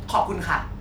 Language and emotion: Thai, angry